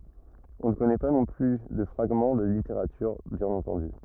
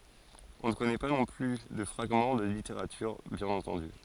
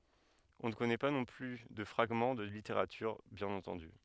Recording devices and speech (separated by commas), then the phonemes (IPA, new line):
rigid in-ear microphone, forehead accelerometer, headset microphone, read sentence
ɔ̃ nə kɔnɛ pa nɔ̃ ply də fʁaɡmɑ̃ də liteʁatyʁ bjɛ̃n ɑ̃tɑ̃dy